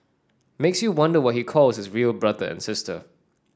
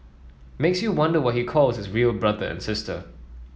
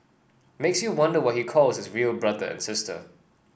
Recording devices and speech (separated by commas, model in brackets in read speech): standing microphone (AKG C214), mobile phone (iPhone 7), boundary microphone (BM630), read sentence